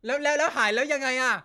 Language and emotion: Thai, angry